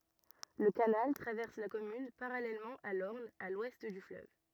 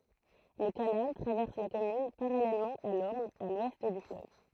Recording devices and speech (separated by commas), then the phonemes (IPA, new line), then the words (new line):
rigid in-ear microphone, throat microphone, read sentence
lə kanal tʁavɛʁs la kɔmyn paʁalɛlmɑ̃ a lɔʁn a lwɛst dy fløv
Le canal traverse la commune parallèlement à l'Orne, à l'ouest du fleuve.